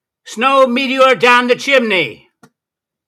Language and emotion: English, disgusted